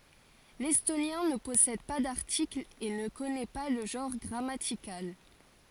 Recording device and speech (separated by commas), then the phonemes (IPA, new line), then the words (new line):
forehead accelerometer, read sentence
lɛstonjɛ̃ nə pɔsɛd pa daʁtiklz e nə kɔnɛ pa lə ʒɑ̃ʁ ɡʁamatikal
L’estonien ne possède pas d’articles et ne connaît pas le genre grammatical.